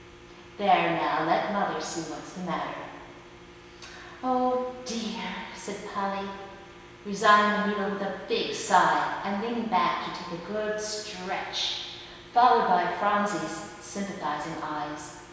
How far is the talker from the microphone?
1.7 m.